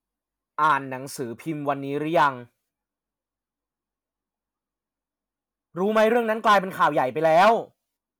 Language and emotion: Thai, frustrated